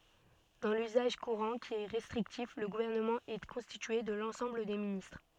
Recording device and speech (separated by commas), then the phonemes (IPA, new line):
soft in-ear microphone, read sentence
dɑ̃ lyzaʒ kuʁɑ̃ ki ɛ ʁɛstʁiktif lə ɡuvɛʁnəmɑ̃ ɛ kɔ̃stitye də lɑ̃sɑ̃bl de ministʁ